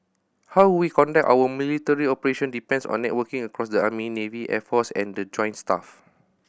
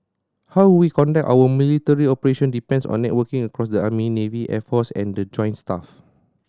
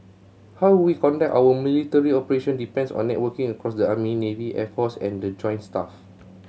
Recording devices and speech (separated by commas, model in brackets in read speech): boundary microphone (BM630), standing microphone (AKG C214), mobile phone (Samsung C7100), read sentence